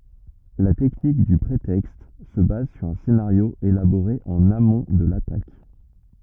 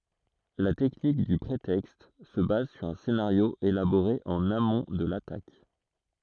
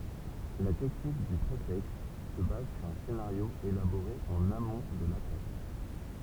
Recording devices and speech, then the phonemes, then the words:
rigid in-ear microphone, throat microphone, temple vibration pickup, read sentence
la tɛknik dy pʁetɛkst sə baz syʁ œ̃ senaʁjo elaboʁe ɑ̃n amɔ̃ də latak
La technique du prétexte se base sur un scénario élaboré en amont de l’attaque.

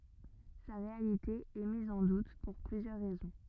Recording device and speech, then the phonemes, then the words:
rigid in-ear microphone, read sentence
sa ʁealite ɛ miz ɑ̃ dut puʁ plyzjœʁ ʁɛzɔ̃
Sa réalité est mise en doute pour plusieurs raisons.

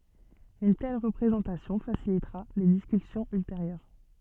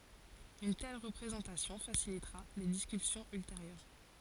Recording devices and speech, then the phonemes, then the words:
soft in-ear microphone, forehead accelerometer, read sentence
yn tɛl ʁəpʁezɑ̃tasjɔ̃ fasilitʁa le diskysjɔ̃z ylteʁjœʁ
Une telle représentation facilitera les discussions ultérieures.

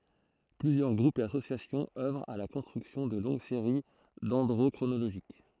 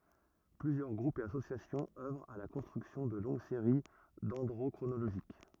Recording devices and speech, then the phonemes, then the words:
throat microphone, rigid in-ear microphone, read sentence
plyzjœʁ ɡʁupz e asosjasjɔ̃z œvʁt a la kɔ̃stʁyksjɔ̃ də lɔ̃ɡ seʁi dɛ̃dʁokʁonoloʒik
Plusieurs groupes et associations œuvrent à la construction de longues séries dendrochronologiques.

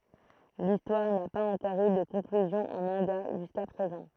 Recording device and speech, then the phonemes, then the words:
throat microphone, read sentence
listwaʁ na paz ɑ̃kɔʁ y də kɔ̃klyzjɔ̃ ɑ̃ mɑ̃ɡa ʒyska pʁezɑ̃
L'histoire n'a pas encore eu de conclusion en manga jusqu'à présent.

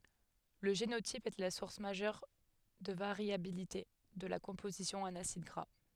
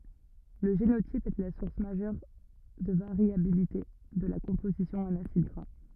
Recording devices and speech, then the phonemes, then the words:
headset microphone, rigid in-ear microphone, read sentence
lə ʒenotip ɛ la suʁs maʒœʁ də vaʁjabilite də la kɔ̃pozisjɔ̃ ɑ̃n asid ɡʁa
Le génotype est la source majeure de variabilité de la composition en acides gras.

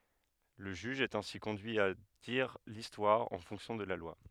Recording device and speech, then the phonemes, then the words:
headset microphone, read sentence
lə ʒyʒ ɛt ɛ̃si kɔ̃dyi a diʁ listwaʁ ɑ̃ fɔ̃ksjɔ̃ də la lwa
Le juge est ainsi conduit à dire l'histoire en fonction de la loi.

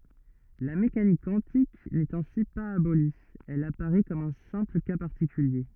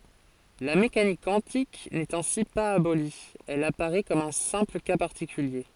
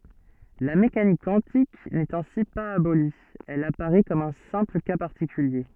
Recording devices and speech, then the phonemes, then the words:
rigid in-ear microphone, forehead accelerometer, soft in-ear microphone, read sentence
la mekanik kwɑ̃tik nɛt ɛ̃si paz aboli ɛl apaʁɛ kɔm œ̃ sɛ̃pl ka paʁtikylje
La mécanique quantique n'est ainsi pas abolie, elle apparaît comme un simple cas particulier.

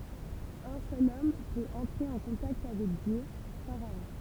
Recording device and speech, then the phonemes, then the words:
temple vibration pickup, read sentence
œ̃ sœl ɔm pøt ɑ̃tʁe ɑ̃ kɔ̃takt avɛk djø faʁaɔ̃
Un seul homme peut entrer en contact avec Dieu, pharaon.

